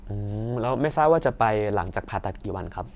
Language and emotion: Thai, neutral